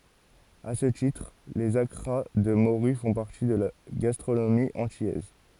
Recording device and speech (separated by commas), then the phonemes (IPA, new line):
forehead accelerometer, read sentence
a sə titʁ lez akʁa də moʁy fɔ̃ paʁti də la ɡastʁonomi ɑ̃tilɛz